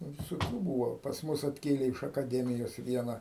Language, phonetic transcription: Lithuanian, ˈnu visoˈkių ˈbūvo pas ˈmus atˈkėlė iš akaˈdemijos ˈviena

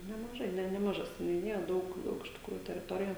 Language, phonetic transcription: Lithuanian, nemaˈžai ˈne nemaˈža seniuˈnija ˈdaug ˈdaug iš tikˈrųju teriˈtorija

